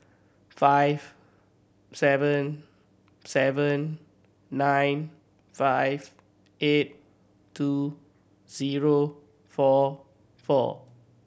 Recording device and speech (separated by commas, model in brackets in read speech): boundary microphone (BM630), read sentence